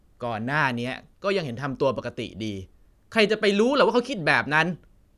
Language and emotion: Thai, frustrated